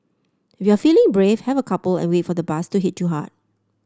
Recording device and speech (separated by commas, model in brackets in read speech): standing microphone (AKG C214), read sentence